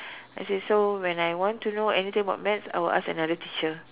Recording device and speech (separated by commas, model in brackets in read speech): telephone, conversation in separate rooms